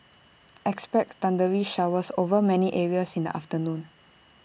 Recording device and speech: boundary microphone (BM630), read sentence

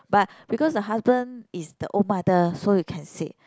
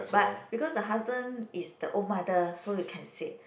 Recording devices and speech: close-talking microphone, boundary microphone, conversation in the same room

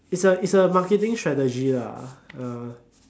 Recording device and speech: standing microphone, conversation in separate rooms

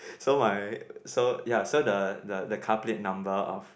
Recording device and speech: boundary microphone, conversation in the same room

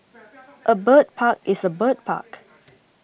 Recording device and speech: boundary microphone (BM630), read sentence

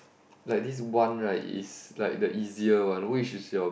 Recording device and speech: boundary microphone, conversation in the same room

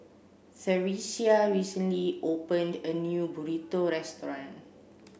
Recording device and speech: boundary microphone (BM630), read sentence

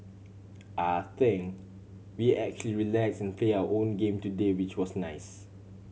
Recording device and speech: mobile phone (Samsung C7100), read sentence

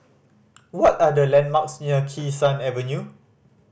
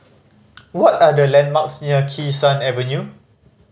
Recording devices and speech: boundary microphone (BM630), mobile phone (Samsung C5010), read sentence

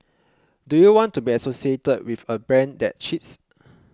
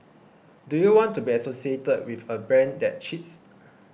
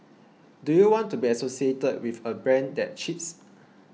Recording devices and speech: close-talking microphone (WH20), boundary microphone (BM630), mobile phone (iPhone 6), read sentence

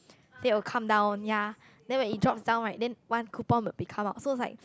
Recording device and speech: close-talking microphone, conversation in the same room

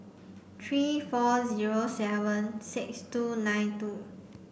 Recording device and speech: boundary microphone (BM630), read sentence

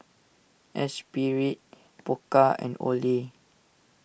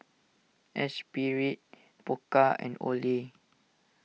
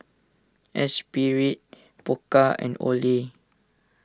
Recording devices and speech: boundary microphone (BM630), mobile phone (iPhone 6), standing microphone (AKG C214), read sentence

